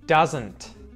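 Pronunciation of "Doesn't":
In 'doesn't', the T at the end is pronounced, not muted.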